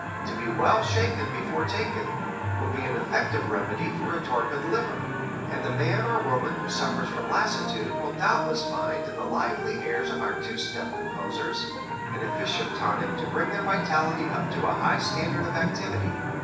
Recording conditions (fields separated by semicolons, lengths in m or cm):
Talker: one person; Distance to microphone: 9.8 m; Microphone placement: far; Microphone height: 1.8 m; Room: large; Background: television